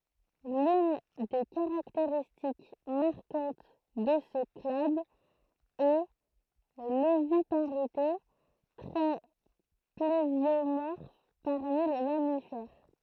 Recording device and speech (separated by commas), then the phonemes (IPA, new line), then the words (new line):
throat microphone, read sentence
lyn de kaʁakteʁistik maʁkɑ̃t də sə klad ɛ lovipaʁite tʁɛ plezjomɔʁf paʁmi le mamifɛʁ
L'une des caractéristiques marquantes de ce clade est l'oviparité, trait plésiomorphe parmi les mammifères.